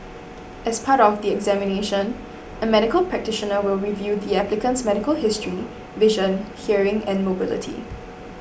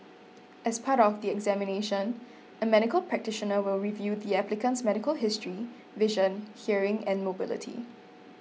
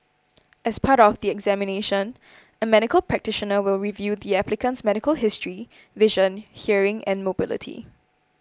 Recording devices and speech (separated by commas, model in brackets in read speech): boundary microphone (BM630), mobile phone (iPhone 6), close-talking microphone (WH20), read sentence